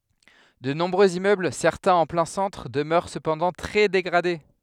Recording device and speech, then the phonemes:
headset microphone, read sentence
də nɔ̃bʁøz immøbl sɛʁtɛ̃z ɑ̃ plɛ̃ sɑ̃tʁ dəmœʁ səpɑ̃dɑ̃ tʁɛ deɡʁade

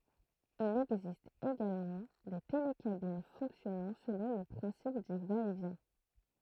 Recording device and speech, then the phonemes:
throat microphone, read sentence
il ɛɡzist eɡalmɑ̃ de telekabin fɔ̃ksjɔnɑ̃ səlɔ̃ lə pʁɛ̃sip dy vaɛtvjɛ̃

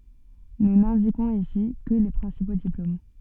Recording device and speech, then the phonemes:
soft in-ear microphone, read sentence
nu nɛ̃dikɔ̃z isi kə le pʁɛ̃sipo diplom

